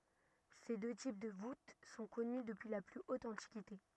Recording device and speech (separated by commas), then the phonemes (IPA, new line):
rigid in-ear microphone, read sentence
se dø tip də vut sɔ̃ kɔny dəpyi la ply ot ɑ̃tikite